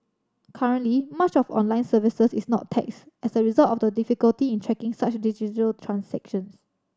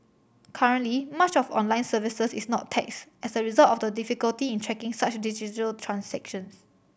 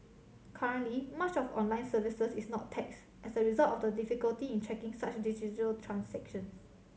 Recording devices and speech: standing microphone (AKG C214), boundary microphone (BM630), mobile phone (Samsung C7100), read sentence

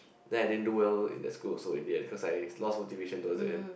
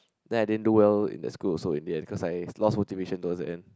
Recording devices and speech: boundary microphone, close-talking microphone, conversation in the same room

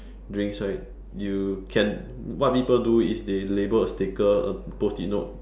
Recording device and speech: standing microphone, conversation in separate rooms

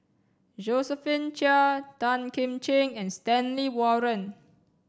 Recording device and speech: standing microphone (AKG C214), read sentence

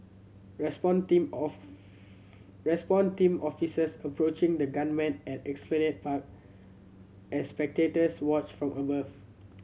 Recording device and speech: mobile phone (Samsung C7100), read sentence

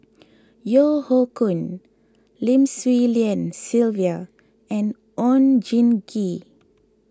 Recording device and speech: close-talking microphone (WH20), read sentence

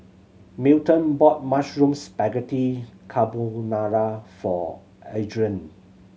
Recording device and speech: mobile phone (Samsung C7100), read sentence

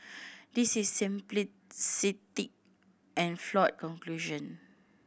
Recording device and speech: boundary microphone (BM630), read sentence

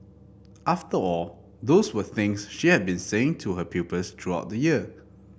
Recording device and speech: boundary microphone (BM630), read sentence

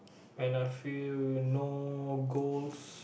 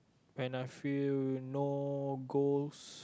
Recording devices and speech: boundary microphone, close-talking microphone, conversation in the same room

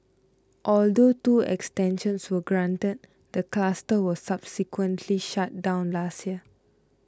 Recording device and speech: close-talking microphone (WH20), read sentence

